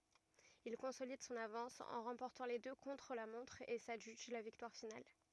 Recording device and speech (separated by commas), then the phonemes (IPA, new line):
rigid in-ear microphone, read sentence
il kɔ̃solid sɔ̃n avɑ̃s ɑ̃ ʁɑ̃pɔʁtɑ̃ le dø kɔ̃tʁ la mɔ̃tʁ e sadʒyʒ la viktwaʁ final